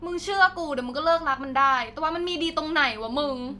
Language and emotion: Thai, angry